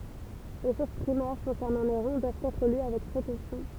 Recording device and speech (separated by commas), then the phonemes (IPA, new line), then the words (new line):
temple vibration pickup, read sentence
le suʁs pʁimɛʁ kɔ̃sɛʁnɑ̃ neʁɔ̃ dwavt ɛtʁ ly avɛk pʁekosjɔ̃
Les sources primaires concernant Néron doivent être lues avec précaution.